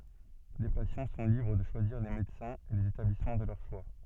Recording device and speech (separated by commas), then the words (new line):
soft in-ear microphone, read sentence
Les patients sont libres de choisir les médecins et les établissements de leur choix.